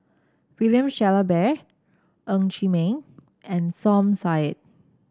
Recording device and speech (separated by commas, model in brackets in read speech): standing microphone (AKG C214), read sentence